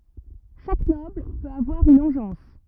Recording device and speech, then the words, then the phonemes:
rigid in-ear microphone, read sentence
Chaque Noble peut avoir une engeance.
ʃak nɔbl pøt avwaʁ yn ɑ̃ʒɑ̃s

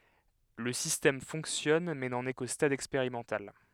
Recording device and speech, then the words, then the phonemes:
headset microphone, read sentence
Le système fonctionne mais n'en est qu'au stade expérimental.
lə sistɛm fɔ̃ksjɔn mɛ nɑ̃n ɛ ko stad ɛkspeʁimɑ̃tal

